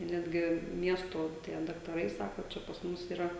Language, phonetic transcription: Lithuanian, ˈnetgi ˈmiesto tie daktaˈrai ˈsako ˈčia pas ˈmus yˈra

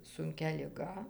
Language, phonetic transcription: Lithuanian, sunˈkia liˈga

